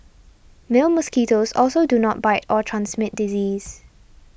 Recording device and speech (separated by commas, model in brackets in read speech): boundary microphone (BM630), read sentence